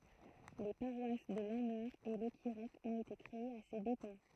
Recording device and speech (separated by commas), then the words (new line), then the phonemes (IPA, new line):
throat microphone, read sentence
Les paroisses de Lanmeur et Locquirec ont été créées à ses dépens.
le paʁwas də lɑ̃mœʁ e lɔkiʁɛk ɔ̃t ete kʁeez a se depɑ̃